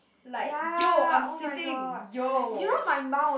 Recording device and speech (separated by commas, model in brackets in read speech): boundary microphone, conversation in the same room